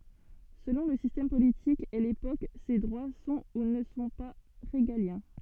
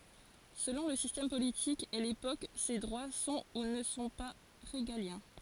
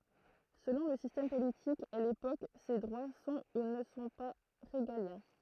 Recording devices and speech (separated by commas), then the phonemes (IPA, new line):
soft in-ear microphone, forehead accelerometer, throat microphone, read sentence
səlɔ̃ lə sistɛm politik e lepok se dʁwa sɔ̃ u nə sɔ̃ pa ʁeɡaljɛ̃